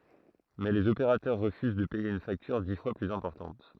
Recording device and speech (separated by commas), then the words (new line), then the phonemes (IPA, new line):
throat microphone, read sentence
Mais les opérateurs refusent de payer une facture dix fois plus importante.
mɛ lez opeʁatœʁ ʁəfyz də pɛje yn faktyʁ di fwa plyz ɛ̃pɔʁtɑ̃t